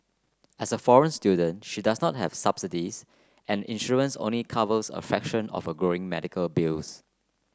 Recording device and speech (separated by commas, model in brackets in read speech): close-talking microphone (WH30), read sentence